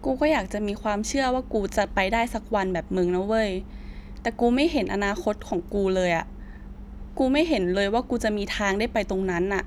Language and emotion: Thai, frustrated